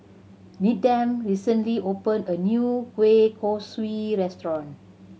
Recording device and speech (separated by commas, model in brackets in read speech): mobile phone (Samsung C7100), read sentence